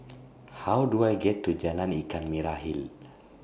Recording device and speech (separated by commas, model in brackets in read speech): boundary microphone (BM630), read sentence